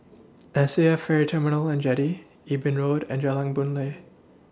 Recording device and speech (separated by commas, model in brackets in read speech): standing microphone (AKG C214), read sentence